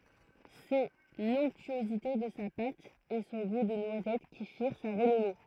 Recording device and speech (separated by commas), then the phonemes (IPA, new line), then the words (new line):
throat microphone, read sentence
sɛ lɔ̃ktyozite də sa pat e sɔ̃ ɡu də nwazɛt ki fiʁ sa ʁənɔme
C’est l’onctuosité de sa pâte et son goût de noisette qui firent sa renommée.